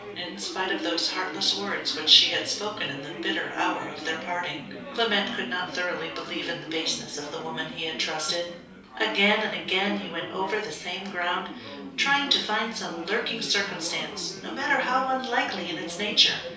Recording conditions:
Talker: one person; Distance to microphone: 3.0 m; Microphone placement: far; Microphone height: 1.8 m; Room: small (3.7 m by 2.7 m); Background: babble

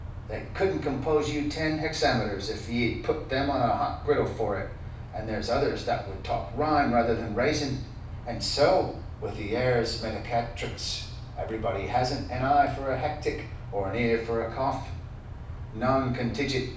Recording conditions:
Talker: one person; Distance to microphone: 5.8 m; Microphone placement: far; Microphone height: 1.8 m; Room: medium-sized (5.7 m by 4.0 m); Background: none

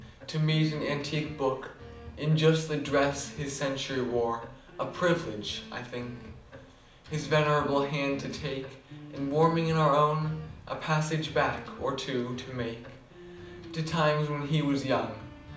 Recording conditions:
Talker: one person; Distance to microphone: 2.0 m; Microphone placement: close; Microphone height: 99 cm; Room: medium-sized (5.7 m by 4.0 m); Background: music

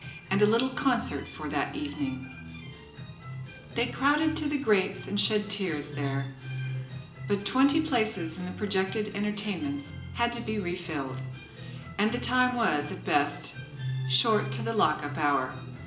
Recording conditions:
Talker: one person; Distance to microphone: 1.8 m; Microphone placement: close; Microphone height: 1.0 m; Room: large; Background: music

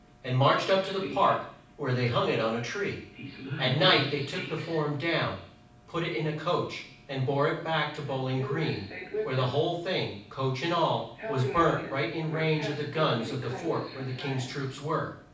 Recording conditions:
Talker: one person; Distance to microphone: 5.8 m; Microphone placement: far; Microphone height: 1.8 m; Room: medium-sized (5.7 m by 4.0 m); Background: television

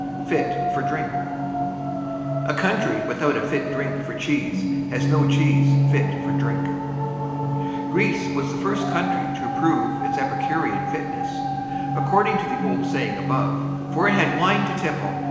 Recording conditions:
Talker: one person; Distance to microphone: 1.7 m; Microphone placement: close; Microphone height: 1.0 m; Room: very reverberant, large; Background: television

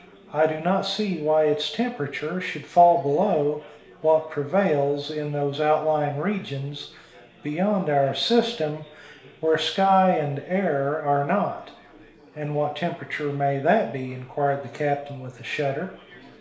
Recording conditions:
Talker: one person; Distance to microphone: 1.0 m; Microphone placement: close; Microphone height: 1.1 m; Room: small (3.7 m by 2.7 m); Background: babble

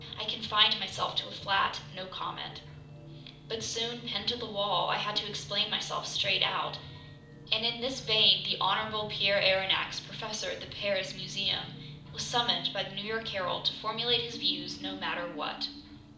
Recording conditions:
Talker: one person; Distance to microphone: 2.0 m; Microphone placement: close; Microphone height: 99 cm; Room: medium-sized (5.7 m by 4.0 m); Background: music

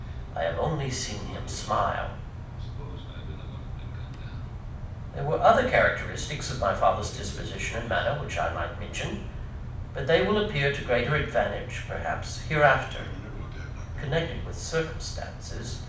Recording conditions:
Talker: one person; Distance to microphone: 5.8 m; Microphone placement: far; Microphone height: 1.8 m; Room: medium-sized (5.7 m by 4.0 m); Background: television

